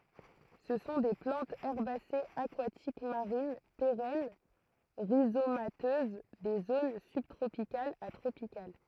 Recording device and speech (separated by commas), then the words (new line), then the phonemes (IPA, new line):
throat microphone, read sentence
Ce sont des plantes herbacées aquatiques marines, pérennes, rhizomateuses des zones sub-tropicales à tropicales.
sə sɔ̃ de plɑ̃tz ɛʁbasez akwatik maʁin peʁɛn ʁizomatøz de zon sybtʁopikalz a tʁopikal